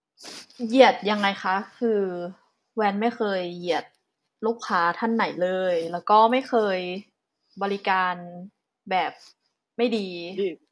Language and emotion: Thai, neutral